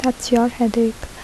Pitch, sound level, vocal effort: 235 Hz, 71 dB SPL, soft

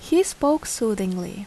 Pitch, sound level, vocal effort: 225 Hz, 79 dB SPL, normal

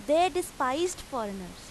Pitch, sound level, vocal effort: 265 Hz, 91 dB SPL, very loud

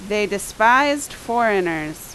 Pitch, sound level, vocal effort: 210 Hz, 89 dB SPL, very loud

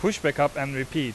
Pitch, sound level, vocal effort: 145 Hz, 92 dB SPL, very loud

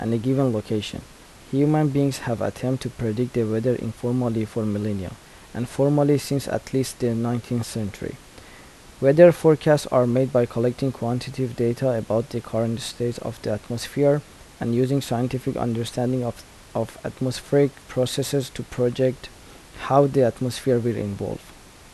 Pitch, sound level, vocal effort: 125 Hz, 78 dB SPL, soft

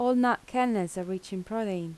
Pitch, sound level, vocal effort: 195 Hz, 83 dB SPL, soft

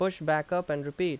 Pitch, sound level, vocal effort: 160 Hz, 88 dB SPL, loud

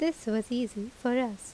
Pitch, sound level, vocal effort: 245 Hz, 79 dB SPL, normal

